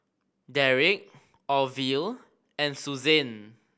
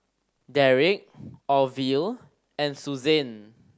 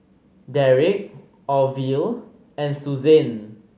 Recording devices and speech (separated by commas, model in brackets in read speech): boundary microphone (BM630), standing microphone (AKG C214), mobile phone (Samsung C5010), read sentence